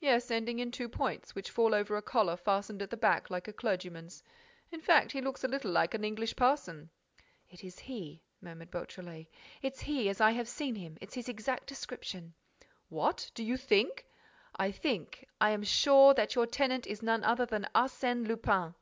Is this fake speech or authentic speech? authentic